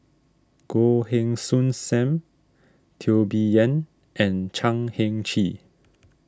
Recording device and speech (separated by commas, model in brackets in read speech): standing microphone (AKG C214), read sentence